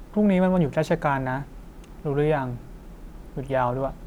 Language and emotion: Thai, neutral